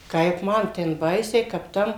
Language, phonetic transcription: Lithuanian, ˈkaip ˈman ten ˈbaisiai kap ˈtam

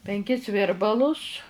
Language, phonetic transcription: Lithuanian, penˈkis ˈvirbalus

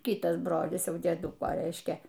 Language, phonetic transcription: Lithuanian, ˈkitas ˈbrolis ˈjau dieˈduko ˈreiškia

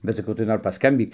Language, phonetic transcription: Lithuanian, bet saˈkau tai ˈnor paskamˈbyk

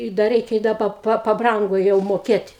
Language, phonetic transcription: Lithuanian, i da ˈreikia i ˈda pa paˈbrango jau moˈkėt'

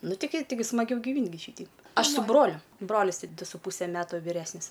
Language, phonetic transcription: Lithuanian, ˈnu tiˈgi tiˈgi smaˈgiau giˈvynt' gi ˈšyteip ˈaš su ˈbroliu ˈbrolis ˈdu su ˈpūse ˈmetu viˈresnis

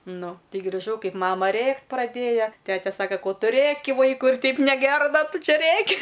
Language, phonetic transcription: Lithuanian, ˈnu ˈtei griˈžau ˈkaip ˈmama ˈrėkt' praˈdėja ˈtete ˈsaka ˈko ˈtu ˈrėki ˈvaikui ir ˈteip neˈgera ˈda ˈtu ˈčia ˈrėki

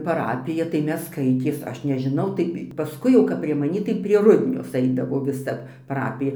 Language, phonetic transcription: Lithuanian, paˈrapija tai ˈmes ˈskaitės ˈaš nežiˈnau tai paˈskui jau kap prie maˈnį tai prie ˈrudnios ˈaidavo viˈsa paˈrapija

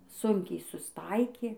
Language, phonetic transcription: Lithuanian, ˈsunkiai susˈtaikė

